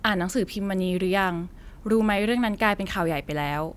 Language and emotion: Thai, neutral